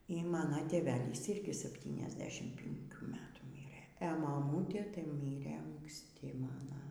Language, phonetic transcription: Lithuanian, y ˈmano tėˈvelys ˈirgi sapˌtyniasˈdešim pinˈkių ˈmetų ˈmyrɘ e maˈmūtė tai ˈmyrɘ anksˈti ˈmana

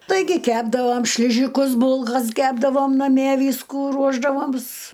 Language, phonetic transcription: Lithuanian, ˈtaigi ˈkepdavom šliˈžikus ˈbulkas ˈkepdavom naˈmie ˈvyskų ˈruošdavoms

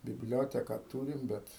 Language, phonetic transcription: Lithuanian, bibˈlioteka ˈtūrim ˈbet

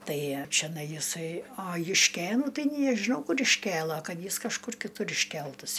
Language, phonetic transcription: Lithuanian, ˈtai čeˈnai jiˈsai a jušˈkėnų ˈtai nė a žiˈnau ˈkur išˈkėla ˈkad ˈjis kažˈkur kiˈtur išˈkeltas

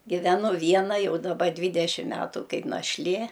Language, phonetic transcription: Lithuanian, giveˈnu ˈviena ˈjau daˈba ˈdvydešim ˈmetu ˈkaip našˈlė

